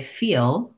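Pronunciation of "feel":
In 'feel', the L at the end is clearly heard as an L.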